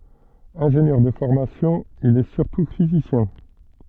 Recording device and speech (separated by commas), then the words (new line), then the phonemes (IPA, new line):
soft in-ear microphone, read sentence
Ingénieur de formation, il est surtout physicien.
ɛ̃ʒenjœʁ də fɔʁmasjɔ̃ il ɛ syʁtu fizisjɛ̃